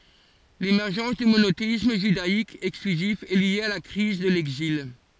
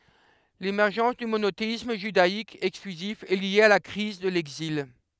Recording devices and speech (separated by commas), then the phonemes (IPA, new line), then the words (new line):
forehead accelerometer, headset microphone, read sentence
lemɛʁʒɑ̃s dy monoteism ʒydaik ɛksklyzif ɛ lje a la kʁiz də lɛɡzil
L'émergence du monothéisme judaïque exclusif est lié à la crise de l'Exil.